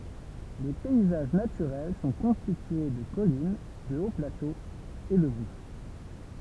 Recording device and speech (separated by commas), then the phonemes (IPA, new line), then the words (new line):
temple vibration pickup, read sentence
le pɛizaʒ natyʁɛl sɔ̃ kɔ̃stitye də kɔlin də oplatoz e də bʁus
Les paysages naturels sont constitués de collines, de hauts-plateaux et de brousse.